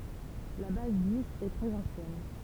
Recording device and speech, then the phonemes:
temple vibration pickup, read sentence
la baz diz ɛ tʁɛz ɑ̃sjɛn

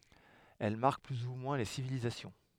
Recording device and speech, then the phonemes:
headset microphone, read sentence
ɛl maʁk ply u mwɛ̃ le sivilizasjɔ̃

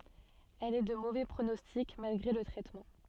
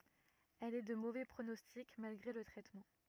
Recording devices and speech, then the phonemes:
soft in-ear microphone, rigid in-ear microphone, read sentence
ɛl ɛ də movɛ pʁonɔstik malɡʁe lə tʁɛtmɑ̃

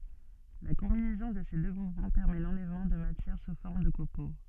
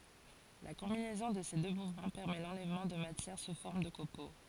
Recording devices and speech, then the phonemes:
soft in-ear microphone, forehead accelerometer, read sentence
la kɔ̃binɛzɔ̃ də se dø muvmɑ̃ pɛʁmɛ lɑ̃lɛvmɑ̃ də matjɛʁ su fɔʁm də kopo

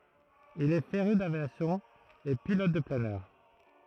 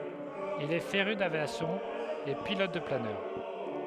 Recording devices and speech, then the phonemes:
throat microphone, headset microphone, read sentence
il ɛ feʁy davjasjɔ̃ e pilɔt də planœʁ

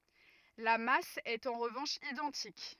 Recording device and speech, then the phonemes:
rigid in-ear microphone, read sentence
la mas ɛt ɑ̃ ʁəvɑ̃ʃ idɑ̃tik

